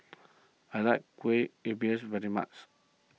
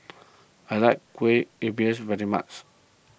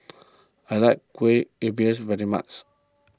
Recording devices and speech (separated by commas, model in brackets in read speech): mobile phone (iPhone 6), boundary microphone (BM630), close-talking microphone (WH20), read sentence